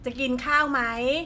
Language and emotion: Thai, neutral